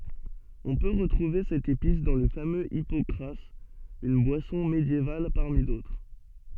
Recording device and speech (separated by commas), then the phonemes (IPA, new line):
soft in-ear microphone, read sentence
ɔ̃ pø ʁətʁuve sɛt epis dɑ̃ lə famøz ipɔkʁaz yn bwasɔ̃ medjeval paʁmi dotʁ